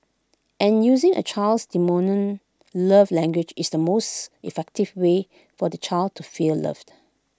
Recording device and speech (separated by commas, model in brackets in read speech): close-talking microphone (WH20), read sentence